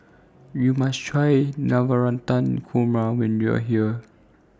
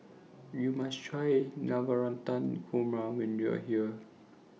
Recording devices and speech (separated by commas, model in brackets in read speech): standing microphone (AKG C214), mobile phone (iPhone 6), read sentence